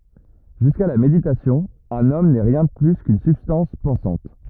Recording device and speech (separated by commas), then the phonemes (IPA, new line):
rigid in-ear microphone, read sentence
ʒyska la meditasjɔ̃ œ̃n ɔm nɛ ʁjɛ̃ də ply kyn sybstɑ̃s pɑ̃sɑ̃t